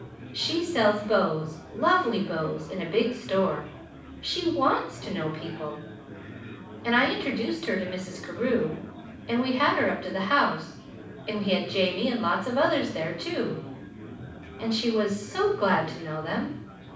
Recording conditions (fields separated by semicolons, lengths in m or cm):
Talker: one person; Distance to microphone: 5.8 m; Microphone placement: far; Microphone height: 1.8 m; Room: medium-sized (5.7 m by 4.0 m); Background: babble